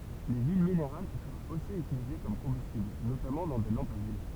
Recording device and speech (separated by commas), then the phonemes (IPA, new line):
temple vibration pickup, read sentence
le yil mineʁal fyʁt osi ytilize kɔm kɔ̃bystibl notamɑ̃ dɑ̃ de lɑ̃pz a yil